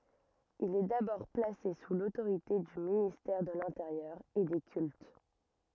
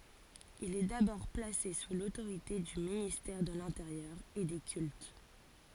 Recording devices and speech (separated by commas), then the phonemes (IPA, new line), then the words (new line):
rigid in-ear microphone, forehead accelerometer, read sentence
il ɛ dabɔʁ plase su lotoʁite dy ministɛʁ də lɛ̃teʁjœʁ e de kylt
Il est d'abord placé sous l'autorité du ministère de l'Intérieur et des Cultes.